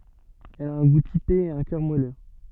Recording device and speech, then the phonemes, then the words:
soft in-ear microphone, read sentence
ɛl a œ̃ ɡu tipe e œ̃ kœʁ mwalø
Elle a un goût typé et un cœur moelleux.

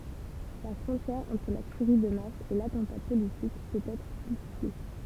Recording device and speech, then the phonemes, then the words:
temple vibration pickup, read sentence
la fʁɔ̃tjɛʁ ɑ̃tʁ la tyʁi də mas e latɑ̃ta politik pøt ɛtʁ ply flu
La frontière entre la tuerie de masse et l'attentat politique peut être plus floue.

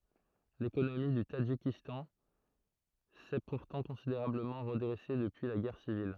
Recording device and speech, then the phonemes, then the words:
throat microphone, read sentence
lekonomi dy tadʒikistɑ̃ sɛ puʁtɑ̃ kɔ̃sideʁabləmɑ̃ ʁədʁɛse dəpyi la ɡɛʁ sivil
L'économie du Tadjikistan s'est pourtant considérablement redressée depuis la guerre civile.

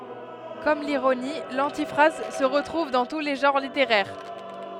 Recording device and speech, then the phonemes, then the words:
headset microphone, read sentence
kɔm liʁoni lɑ̃tifʁaz sə ʁətʁuv dɑ̃ tu le ʒɑ̃ʁ liteʁɛʁ
Comme l'ironie, l'antiphrase se retrouve dans tous les genres littéraires.

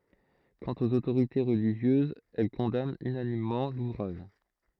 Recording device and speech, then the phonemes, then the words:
throat microphone, read sentence
kɑ̃t oz otoʁite ʁəliʒjøzz ɛl kɔ̃dant ynanimmɑ̃ luvʁaʒ
Quant aux autorités religieuses, elles condamnent unanimement l'ouvrage.

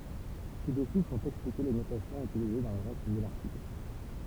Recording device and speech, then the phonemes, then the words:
temple vibration pickup, read sentence
sidɛsu sɔ̃t ɛksplike le notasjɔ̃z ytilize dɑ̃ lə ʁɛst də laʁtikl
Ci-dessous sont expliquées les notations utilisées dans le reste de l'article.

